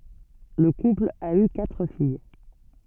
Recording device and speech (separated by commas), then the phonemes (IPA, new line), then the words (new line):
soft in-ear microphone, read sentence
lə kupl a y katʁ fij
Le couple a eu quatre filles.